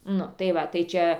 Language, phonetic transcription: Lithuanian, ˈnu tai ˈva tai ˈčia

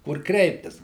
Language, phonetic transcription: Lithuanian, kur ˈkreiptis

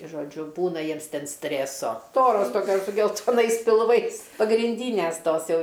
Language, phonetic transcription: Lithuanian, žoˈdžiu ˈbūna ˈjiems ˈten ˈstrėso ˈstoros ˈtokios su geltoˈnais pilˈvais pagrinˈdynės ˈtos ˈjau

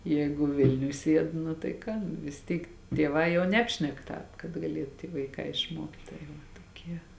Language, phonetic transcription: Lithuanian, ˈjēgu ˈvilniuj ˈsied nu tai ˈką nu vis ˈtyk tieˈvā jau ˈnebšnek ˈtāp kad gaˈliet ty vaiˈkā išˈmuokt' tai ˈva toˈkie

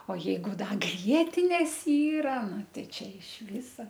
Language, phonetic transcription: Lithuanian, o ˈjeigu ˈda ˈgrietinės ˈyra ˈnu ˈtei ˈčia iš ˈvisa

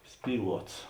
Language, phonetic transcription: Lithuanian, ˈspyˌluots

